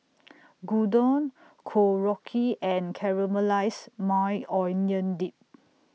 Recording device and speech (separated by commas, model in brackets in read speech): mobile phone (iPhone 6), read sentence